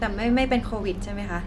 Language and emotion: Thai, neutral